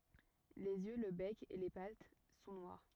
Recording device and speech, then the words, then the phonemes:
rigid in-ear microphone, read sentence
Les yeux, le bec, et les pattes sont noirs.
lez jø lə bɛk e le pat sɔ̃ nwaʁ

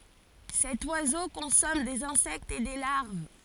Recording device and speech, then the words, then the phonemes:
forehead accelerometer, read sentence
Cet oiseau consomme des insectes et des larves.
sɛt wazo kɔ̃sɔm dez ɛ̃sɛktz e de laʁv

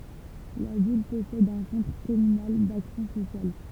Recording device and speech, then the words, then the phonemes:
temple vibration pickup, read sentence
La ville possède un Centre communal d'action sociale.
la vil pɔsɛd œ̃ sɑ̃tʁ kɔmynal daksjɔ̃ sosjal

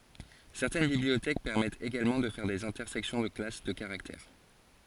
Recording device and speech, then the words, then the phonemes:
forehead accelerometer, read sentence
Certaines bibliothèques permettent également de faire des intersections de classes de caractères.
sɛʁtɛn bibliotɛk pɛʁmɛtt eɡalmɑ̃ də fɛʁ dez ɛ̃tɛʁsɛksjɔ̃ də klas də kaʁaktɛʁ

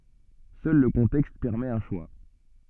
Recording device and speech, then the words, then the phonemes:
soft in-ear microphone, read sentence
Seul le contexte permet un choix.
sœl lə kɔ̃tɛkst pɛʁmɛt œ̃ ʃwa

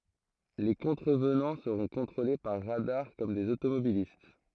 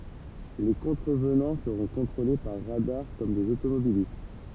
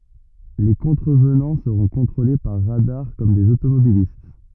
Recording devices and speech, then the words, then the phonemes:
throat microphone, temple vibration pickup, rigid in-ear microphone, read sentence
Les contrevenants seront contrôlés par radars, comme des automobilistes.
le kɔ̃tʁəvnɑ̃ səʁɔ̃ kɔ̃tʁole paʁ ʁadaʁ kɔm dez otomobilist

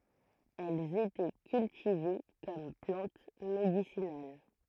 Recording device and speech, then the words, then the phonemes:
throat microphone, read sentence
Elles étaient cultivées comme plante médicinale.
ɛlz etɛ kyltive kɔm plɑ̃t medisinal

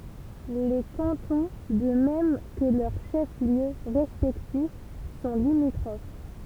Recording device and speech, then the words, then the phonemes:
temple vibration pickup, read sentence
Les cantons, de même que leurs chefs-lieux respectifs, sont limitrophes.
le kɑ̃tɔ̃ də mɛm kə lœʁ ʃɛfsljø ʁɛspɛktif sɔ̃ limitʁof

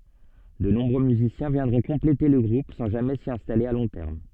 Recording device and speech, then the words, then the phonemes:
soft in-ear microphone, read sentence
De nombreux musiciens viendront compléter le groupe sans jamais s'y installer à long terme.
də nɔ̃bʁø myzisjɛ̃ vjɛ̃dʁɔ̃ kɔ̃plete lə ɡʁup sɑ̃ ʒamɛ si ɛ̃stale a lɔ̃ tɛʁm

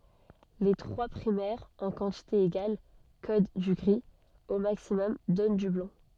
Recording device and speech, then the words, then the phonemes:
soft in-ear microphone, read sentence
Les trois primaires en quantité égale codent du gris, au maximum donnent du blanc.
le tʁwa pʁimɛʁz ɑ̃ kɑ̃tite eɡal kod dy ɡʁi o maksimɔm dɔn dy blɑ̃

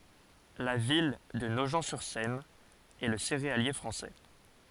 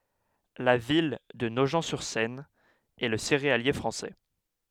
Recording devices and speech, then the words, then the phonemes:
forehead accelerometer, headset microphone, read sentence
La ville de Nogent-sur-Seine est le céréalier français.
la vil də noʒ syʁ sɛn ɛ lə seʁealje fʁɑ̃sɛ

